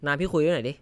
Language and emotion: Thai, neutral